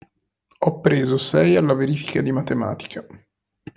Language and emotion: Italian, neutral